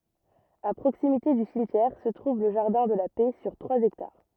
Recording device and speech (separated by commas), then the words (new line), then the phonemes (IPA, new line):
rigid in-ear microphone, read sentence
À proximité du cimetière se trouve le jardin de la Paix sur trois hectares.
a pʁoksimite dy simtjɛʁ sə tʁuv lə ʒaʁdɛ̃ də la pɛ syʁ tʁwaz ɛktaʁ